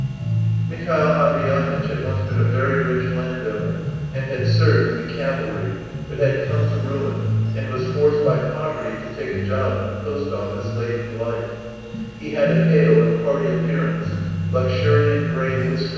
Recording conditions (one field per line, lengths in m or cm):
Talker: one person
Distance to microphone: 7.1 m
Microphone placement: far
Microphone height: 1.7 m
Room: very reverberant, large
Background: music